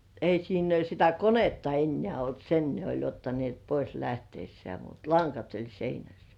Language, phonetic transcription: Finnish, 'ei siin ‿uo sitä "konetta 'ennĕä̀§ olt "sen ne oĺ ottanĭèt pois 'lähteissĕä̀§ mut "laŋkat oĺ 'seinäs .
- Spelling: ei siinä ole sitä konetta enää ollut sen ne oli ottaneet pois lähtiessään mutta langat oli seinässä

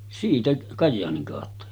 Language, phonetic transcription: Finnish, siitä 'Kajjaaniŋ kàotta .
- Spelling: siitä Kajaanin kautta

